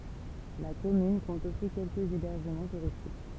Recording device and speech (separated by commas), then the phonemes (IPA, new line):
temple vibration pickup, read sentence
la kɔmyn kɔ̃t osi kɛlkəz ebɛʁʒəmɑ̃ tuʁistik